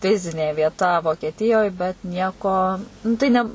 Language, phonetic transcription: Lithuanian, ˈfizinė vieˈta vokieˈtijoj bet ˈnieko nu ˈtai ne

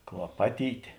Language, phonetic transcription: Lithuanian, klaˈpatytė

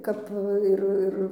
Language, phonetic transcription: Lithuanian, ˈkap ˈir ˈir

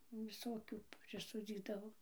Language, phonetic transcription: Lithuanian, viˈsokių priˈsodzydavo

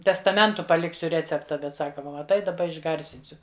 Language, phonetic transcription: Lithuanian, testaˈmentu paˈliksiu ˈrecepta ˈbet ˈsaka ˈva maˈtai daˈba išˈgarsinsiu

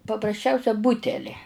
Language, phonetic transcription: Lithuanian, paprasˈčiausia ˈbuteli

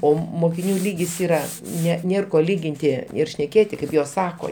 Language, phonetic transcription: Lithuanian, ˈo mokiˈnių ˈlygis ˈyra ˈne ˈnėr ˈko ˈlyginti ir šneˈkėti kaip ˈjos ˈsako

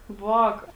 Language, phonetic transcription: Lithuanian, ˈvāka

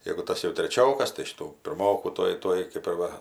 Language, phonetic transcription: Lithuanian, jegu ˈtas jau treˈčiokas tai ˈšitų pirˈmokų ˈtuoj ˈtuoj kɜp ir ˈva

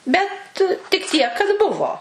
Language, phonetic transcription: Lithuanian, ˈbet tik ˈtiek kad ˈbuvo

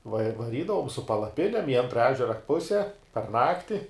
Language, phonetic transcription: Lithuanian, va vaˈrydavom su palaˈpinem i ˈantra ˈežera ˈpuse par ˈnakti

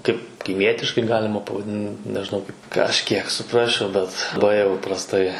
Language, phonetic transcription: Lithuanian, ˈkaip kaiˈmietiškai ˈgalima pavaˈdin nežiˈnau kaip kažˈkiek suˈprasčiau ˈbet bai jau prasˈtai

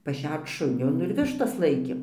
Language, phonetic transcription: Lithuanian, paˈšerc ˈšunio ˈnu ir ˈvištas ˈlaikėm

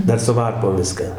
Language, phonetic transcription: Lithuanian, ˈdar su ˈvarpom ˈviską

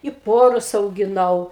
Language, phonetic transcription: Lithuanian, i ˈporus augiˈnau

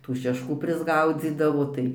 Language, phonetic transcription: Lithuanian, tų šešˈkų prisˈgaudzydavo ˈtai

